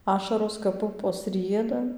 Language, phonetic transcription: Lithuanian, ˈašaros kap ˈpupos ˈrieda

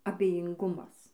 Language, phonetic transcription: Lithuanian, abejinˈgumas

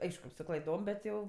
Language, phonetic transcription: Lithuanian, ˈaišku su klaiˈdom bet ˈjau

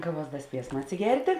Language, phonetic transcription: Lithuanian, ˈkaˌvuos ˈda ˈspiesma atsiˈgertė

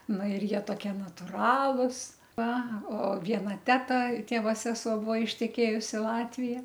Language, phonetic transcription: Lithuanian, ˈna ir ˈjie toˈkie natuˈralus ˈva o ˈviena ˈteta ˈtėvo ˈsesuo ˈbuo išteˈkėjus i ˈlatvija

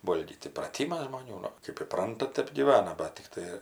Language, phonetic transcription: Lithuanian, ˈvolgyt įpraˈtymas žmoˈnių ˈnu ˈkɜp įˈpranta ˈtep gyˈvana ˈbat tikˈtai

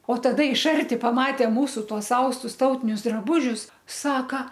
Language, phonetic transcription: Lithuanian, o taˈda iš ˈarti paˈmatė ˈmūsu ˈtuos ˈaustus ˈtautinius draˈbūžius ˈsaka

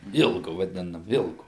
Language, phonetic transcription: Lithuanian, ˈilgu vaˈdinam ˈilgu

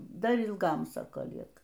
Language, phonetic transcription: Lithuanian, ˈdar ilˈgam ˈsako ˈlieka

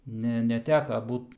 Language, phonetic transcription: Lithuanian, ˈne neˈteka ˈbūt

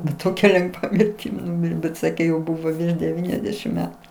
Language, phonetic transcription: Lithuanian, bet ˈtokia lenˈgva mirˈtim ˈnumirė bet ˈsakė jau ˈbūvo virš deˈvyniasdešim ˈmetu

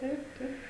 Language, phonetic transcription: Lithuanian, ˈtaip ˈtaip

